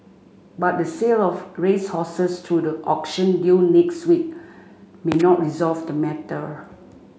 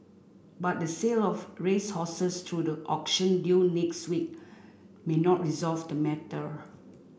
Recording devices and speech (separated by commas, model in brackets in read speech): mobile phone (Samsung C5), boundary microphone (BM630), read sentence